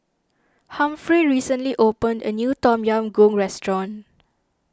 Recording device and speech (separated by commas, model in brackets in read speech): standing microphone (AKG C214), read sentence